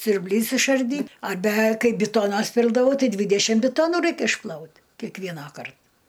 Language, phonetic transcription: Lithuanian, siurbˈlys išarˈdyt arˈbe ˈkai biˈtonas ˈpildavau ˈtai ˈdvidešim biˈtonu ˈraik išˈplaut kekˈvienąkart

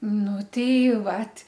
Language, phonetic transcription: Lithuanian, ˈnu tei ˈvat

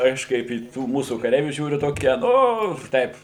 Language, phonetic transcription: Lithuanian, ˈaš ˈkaip į ˈtų ˈmūsų kaˈreivių ˈžiūriu ˈtokie ˈnu ˈtaip

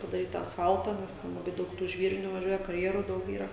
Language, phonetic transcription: Lithuanian, padaˈryt tą asˈfaltą nes ˈten laˈbai ˈdaug tų ˈžvyrinių vaˈžiuoja karˈjerų ˈdaug ˈyra

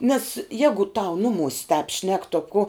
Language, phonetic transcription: Lithuanian, nes ˈjegu tau ˈnuˌmus' tāp šnek to ko

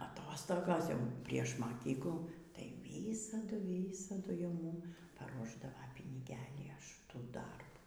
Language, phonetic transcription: Lithuanian, aˈtostogos jau prieš maˈkyklų tai ˈvysadu ˈvysadu jau ˈmūm paˈruošdava piniˈgelį až ˈtų ˈdarbų

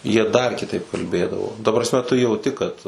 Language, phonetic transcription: Lithuanian, jie dar kiˈtaip kalˈbėdavo ta prasˈme tu jauˈti kad

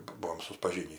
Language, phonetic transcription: Lithuanian, ˈbuom sudpaˈžynį

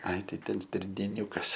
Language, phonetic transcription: Lithuanian, ai ˈtai ˈten stirnėˈniukas

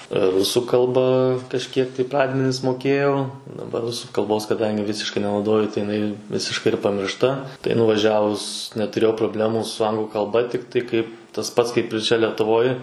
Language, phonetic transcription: Lithuanian, ˈrusų kalˈba kažˈkiek tai ˈpradmenis moˈkėjau daˈbar ˈrusų kalˈbos kaˈdangi ˈvisiškai nenauˈdoju tai jiˈnai ˈvisiškai ir pamiršˈta tai nuvaˈžiavus netuˈrėjau proˈblemų su ˈanglu kalˈba ˈtiktai kaip tas ˈpats kaip ir ˈčia letuˈvoj

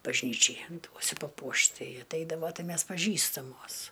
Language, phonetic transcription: Lithuanian, bažˈnyčiai ˈduosiu paˈpuošt ˈtai atˈeidavo ˈtai ˈmes paˈžįstamos

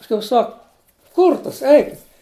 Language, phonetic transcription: Lithuanian, pasˈkui ˈsak ˈkurtas ˈeikit'

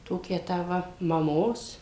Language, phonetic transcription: Lithuanian, ˈtokią tą ˈva maˈmos

